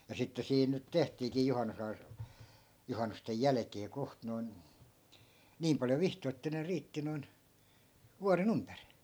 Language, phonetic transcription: Finnish, ja 'sitte 'siin nyt 'tehtiikii 'juhannusai- , 'juhannustej "jäläkee 'koht noi̮n , 'niim paljo 'vihtoi̮ että ne 'riitti noi̮n , 'vuare"n ‿ympärI .
- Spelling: ja sitten siinä nyt tehtiinkin - juhannusten jälkeen kohta noin niin paljon vihtoja että ne riitti noin vuoden ympäri

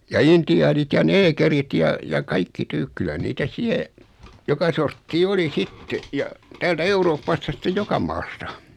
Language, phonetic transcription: Finnish, ja 'inti₍aanit ja 'neekerit ja , ja 'kaikki 'tyk kylä niitä 'siɛ , 'joka sorttii 'oli "sitte , ja , 'täältä "Eurooppasta 'sⁱttej 'joka maasta .
- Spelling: ja intiaanit ja neekerit ja ja kaikki tyy kyllä niitä siellä joka sorttia oli sitten ja täältä Euroopasta sitten joka maasta

